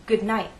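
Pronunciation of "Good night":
In 'Good night', the final t is changed to a glottal stop: the t sound is cut off in the throat right after the vowel of 'night'.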